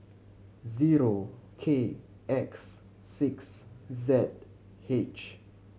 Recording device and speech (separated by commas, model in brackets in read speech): mobile phone (Samsung C7100), read sentence